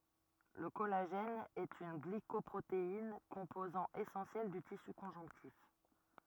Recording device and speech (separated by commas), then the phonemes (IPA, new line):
rigid in-ear microphone, read sentence
lə kɔlaʒɛn ɛt yn ɡlikɔpʁotein kɔ̃pozɑ̃ esɑ̃sjɛl dy tisy kɔ̃ʒɔ̃ktif